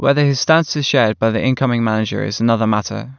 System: none